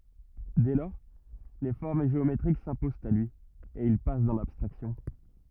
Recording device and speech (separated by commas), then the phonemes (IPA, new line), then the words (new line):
rigid in-ear microphone, read sentence
dɛ lɔʁ le fɔʁm ʒeometʁik sɛ̃pozɑ̃t a lyi e il pas dɑ̃ labstʁaksjɔ̃
Dès lors, les formes géométriques s'imposent à lui, et il passe dans l'abstraction.